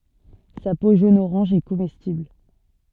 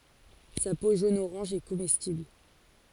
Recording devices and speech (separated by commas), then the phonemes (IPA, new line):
soft in-ear microphone, forehead accelerometer, read sentence
sa po ʒonəoʁɑ̃ʒ ɛ komɛstibl